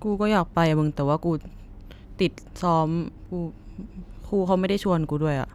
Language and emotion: Thai, frustrated